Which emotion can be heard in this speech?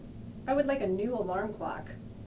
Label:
neutral